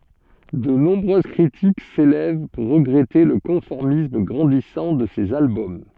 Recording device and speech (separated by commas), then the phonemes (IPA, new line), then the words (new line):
soft in-ear microphone, read sentence
də nɔ̃bʁøz kʁitik selɛv puʁ ʁəɡʁɛte lə kɔ̃fɔʁmism ɡʁɑ̃disɑ̃ də sez albɔm
De nombreuses critiques s'élèvent pour regretter le conformisme grandissant de ces albums.